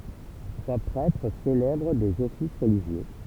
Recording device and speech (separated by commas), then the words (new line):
temple vibration pickup, read sentence
Trois prêtres célèbrent des offices religieux.